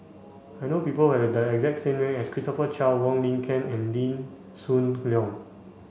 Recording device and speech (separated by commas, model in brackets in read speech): mobile phone (Samsung C5), read sentence